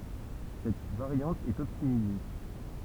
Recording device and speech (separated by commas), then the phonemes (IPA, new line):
temple vibration pickup, read sentence
sɛt vaʁjɑ̃t ɛt ɔptimize